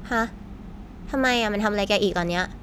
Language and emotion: Thai, frustrated